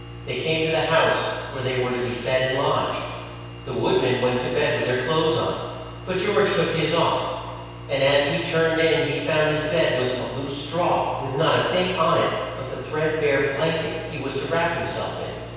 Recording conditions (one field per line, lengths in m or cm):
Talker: one person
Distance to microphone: 7.1 m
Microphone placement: far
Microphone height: 1.7 m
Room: very reverberant, large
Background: none